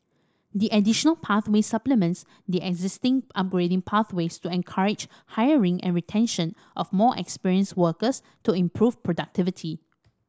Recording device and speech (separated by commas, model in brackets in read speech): standing microphone (AKG C214), read sentence